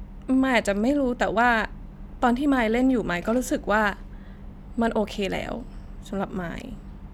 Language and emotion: Thai, sad